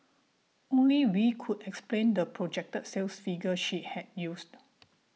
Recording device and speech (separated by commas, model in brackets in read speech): mobile phone (iPhone 6), read sentence